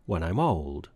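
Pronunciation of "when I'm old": The stress falls on 'old', so the pattern is weak, weak, strong. The m of 'I'm' links into 'old', so it sounds as if 'mold' is being said.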